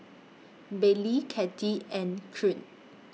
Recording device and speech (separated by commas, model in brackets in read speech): mobile phone (iPhone 6), read sentence